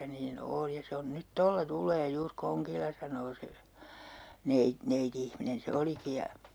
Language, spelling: Finnish, niin on ja se on nyt tuolla tulee juuri kongilla sanoo se - neiti-ihminen se olikin ja
- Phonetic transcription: » nii'n ‿ool ja » 'se on 'nyt "tolla 'tul̆lee 'juur 'koŋkilla » saǹoo 'se , "nei- , 'neiti₍ihminen se 'oliki ja , .

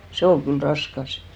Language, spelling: Finnish, se oli kyllä raskas
- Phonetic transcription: 'se ol kyl "raskas .

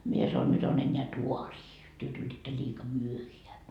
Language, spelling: Finnish, minä sanoin nyt on enää taaria te tulitte liika myöhään
- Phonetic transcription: mie sanon » 'nyt ‿on ‿enneä "tuarii , työ 'tulitta liika "myöheä » .

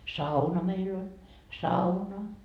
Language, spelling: Finnish, sauna meillä oli sauna
- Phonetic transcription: "sauna meil ‿oĺ , "sauna .

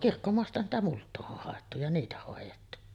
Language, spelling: Finnish, kirkkomaastahan sitä multaa on haettu ja niitä hoidettu
- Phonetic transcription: 'kirkkomoastahan sitä 'mult̆too’ ’oh hàettu ja 'niitä hòejettu .

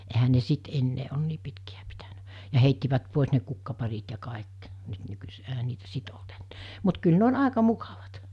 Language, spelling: Finnish, eihän ne sitten enää ole niin pitkiä pitänyt ja heittivät pois ne kukkaparit ja kaikki nyt nykyisin eihän niitä sitten ollut enää mutta kyllä ne on aika mukavat
- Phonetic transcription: ehä ne 'sit ennee on 'nii pitki₍ä pitänä , ja heittivät 'pòis ne 'kukkaparit ja 'kàek , nyt nykys[i?] eɦä 'niitä 'sit olt ennᴇᴇ , mut kyl ne on 'àeka 'mukavat .

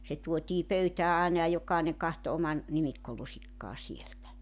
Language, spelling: Finnish, se tuotiin pöytään aina ja jokainen katsoi oman nimikkolusikkansa sieltä
- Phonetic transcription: se 'tuotii 'pöytää àena ja 'jok̀àeneŋ kahto 'oman , 'nimikkolusikkaa sieltä .

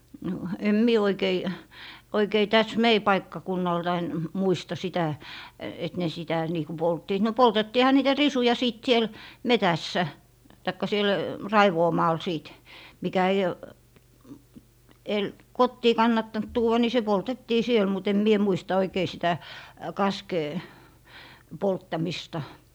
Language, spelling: Finnish, no en minä oikein tässä meidän paikkakunnaltamme muista sitä että ne sitä niin kuin polttivat no poltettiinhan niitä risuja sitten siellä metsässä tai siellä raivuumaalla sitten mikä ei - kotiin kannattanut tuoda niin se poltettiin siellä mutta en minä muista oikein sitä kaskea polttamista
- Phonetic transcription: no , 'em "mie oikei 'täs "mei 'paikkakunnaltain , 'muista sitä , et ne sitä nii ku 'polttiit no 'poltettiiha niitä "risuja sìt siel , "metässä , taikka 'siel , "raivoomaal 'sìt , mikä ei , el - "kottii 'kannattant "tuuʷa ni se 'poltettii 'siel mu't ‿em mie 'muista oikei "sitä , "kaskee , 'polttamista .

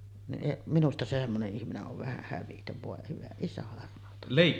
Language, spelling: Finnish, niin minusta se semmoinen ihminen on vähän hävytön voi hyvä isä armahtakoon
- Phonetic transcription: niˀ , 'minusta se semmone’ ’ihmine’ ’ov vähä "hävitöv 'vòe hyvä isä armahtakkoon .

